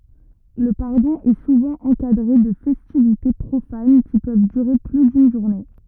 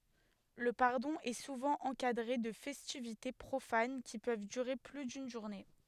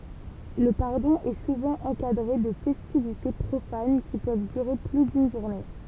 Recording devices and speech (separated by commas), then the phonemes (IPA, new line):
rigid in-ear microphone, headset microphone, temple vibration pickup, read sentence
lə paʁdɔ̃ ɛ suvɑ̃ ɑ̃kadʁe də fɛstivite pʁofan ki pøv dyʁe ply dyn ʒuʁne